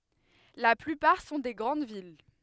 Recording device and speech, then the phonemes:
headset microphone, read sentence
la plypaʁ sɔ̃ de ɡʁɑ̃d vil

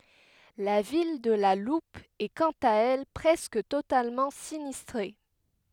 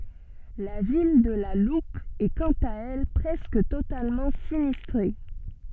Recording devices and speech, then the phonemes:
headset microphone, soft in-ear microphone, read sentence
la vil də la lup ɛ kɑ̃t a ɛl pʁɛskə totalmɑ̃ sinistʁe

